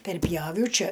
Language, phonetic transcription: Lithuanian, perˈpjaviau ˈči

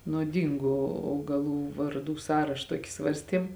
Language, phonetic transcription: Lithuanian, nuoˈdyngu augaˈlų varˈdų ˈsąraš ˈtuoki ˈsvarstiem

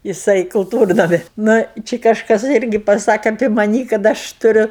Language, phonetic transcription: Lithuanian, jiˈsai kulˈtūrnami ˈnu ˈči kažˈkas ˈirgi paˈsake apė maˈnį kad ˈaš tuˈriu

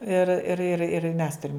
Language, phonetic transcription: Lithuanian, ir ir ir ir mes ˈturim

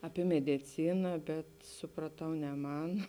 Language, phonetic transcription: Lithuanian, aˈpie mediˈcina bet supraˈtau ne ˈman

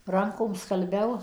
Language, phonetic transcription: Lithuanian, ˈrankom skalˈbiau

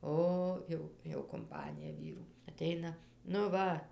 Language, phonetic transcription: Lithuanian, ˈo ˈjau jau kumˈpanija ˈvyrų aˈteina nu ˈva

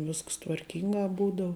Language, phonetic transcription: Lithuanian, ˈvisks tvarˈkinga ˈbūdau

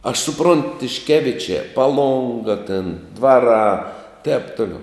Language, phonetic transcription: Lithuanian, aš suˈpront tišˈkevičiā paˈlonga tin ˈdvaˌrā tēp ˈtuliau

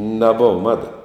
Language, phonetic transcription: Lithuanian, neˈbuva ˈmada

